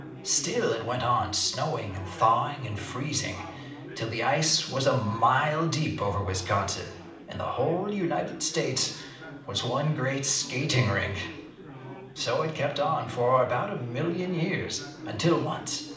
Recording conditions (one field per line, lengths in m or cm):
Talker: one person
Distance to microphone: 2.0 m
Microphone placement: close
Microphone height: 99 cm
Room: medium-sized (5.7 m by 4.0 m)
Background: babble